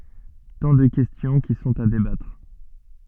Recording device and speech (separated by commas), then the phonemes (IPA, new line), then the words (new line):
soft in-ear microphone, read sentence
tɑ̃ də kɛstjɔ̃ ki sɔ̃t a debatʁ
Tant de questions qui sont à débattre.